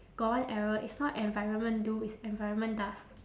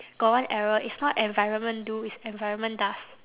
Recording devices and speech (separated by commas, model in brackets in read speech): standing microphone, telephone, conversation in separate rooms